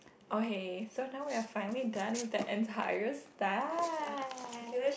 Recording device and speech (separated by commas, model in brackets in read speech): boundary microphone, conversation in the same room